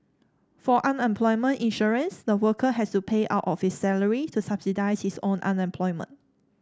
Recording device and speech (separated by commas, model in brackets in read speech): standing microphone (AKG C214), read sentence